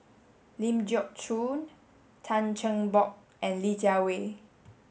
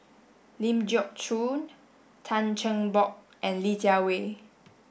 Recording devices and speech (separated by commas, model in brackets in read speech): mobile phone (Samsung S8), boundary microphone (BM630), read sentence